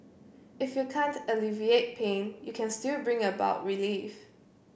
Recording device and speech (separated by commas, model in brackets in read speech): boundary microphone (BM630), read sentence